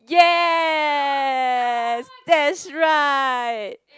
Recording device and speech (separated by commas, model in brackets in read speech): close-talking microphone, conversation in the same room